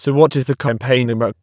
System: TTS, waveform concatenation